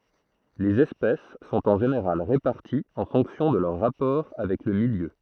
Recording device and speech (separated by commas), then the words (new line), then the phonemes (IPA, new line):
throat microphone, read sentence
Les espèces sont en général réparties en fonction de leurs rapports avec le milieu.
lez ɛspɛs sɔ̃t ɑ̃ ʒeneʁal ʁepaʁtiz ɑ̃ fɔ̃ksjɔ̃ də lœʁ ʁapɔʁ avɛk lə miljø